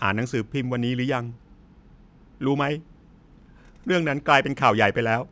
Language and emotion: Thai, sad